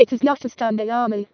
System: VC, vocoder